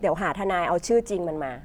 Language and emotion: Thai, frustrated